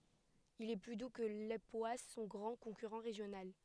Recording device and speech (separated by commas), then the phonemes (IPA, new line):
headset microphone, read sentence
il ɛ ply du kə lepwas sɔ̃ ɡʁɑ̃ kɔ̃kyʁɑ̃ ʁeʒjonal